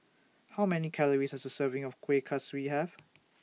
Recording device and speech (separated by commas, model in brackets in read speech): mobile phone (iPhone 6), read sentence